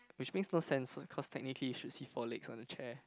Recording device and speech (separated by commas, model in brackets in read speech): close-talking microphone, conversation in the same room